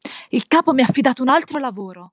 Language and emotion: Italian, angry